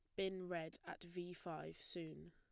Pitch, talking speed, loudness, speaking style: 175 Hz, 170 wpm, -48 LUFS, plain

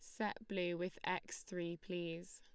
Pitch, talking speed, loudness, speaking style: 180 Hz, 165 wpm, -43 LUFS, Lombard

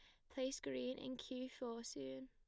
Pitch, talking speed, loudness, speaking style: 250 Hz, 185 wpm, -47 LUFS, plain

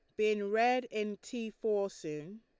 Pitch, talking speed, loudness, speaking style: 215 Hz, 165 wpm, -34 LUFS, Lombard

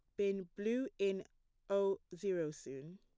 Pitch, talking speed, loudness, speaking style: 195 Hz, 130 wpm, -39 LUFS, plain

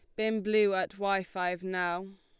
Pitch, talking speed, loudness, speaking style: 195 Hz, 180 wpm, -30 LUFS, Lombard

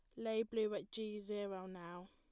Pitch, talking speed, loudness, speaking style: 210 Hz, 190 wpm, -43 LUFS, plain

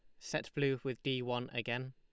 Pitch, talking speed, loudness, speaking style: 130 Hz, 210 wpm, -38 LUFS, Lombard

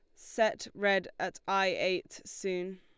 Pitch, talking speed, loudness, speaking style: 195 Hz, 140 wpm, -32 LUFS, Lombard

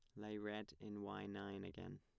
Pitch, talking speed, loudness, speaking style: 100 Hz, 200 wpm, -50 LUFS, plain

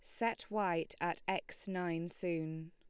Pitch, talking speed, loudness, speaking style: 170 Hz, 145 wpm, -39 LUFS, Lombard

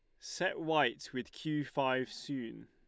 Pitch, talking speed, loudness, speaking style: 135 Hz, 145 wpm, -36 LUFS, Lombard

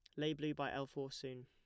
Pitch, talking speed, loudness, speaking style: 140 Hz, 285 wpm, -43 LUFS, plain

